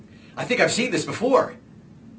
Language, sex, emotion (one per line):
English
male
happy